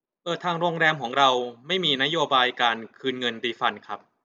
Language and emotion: Thai, neutral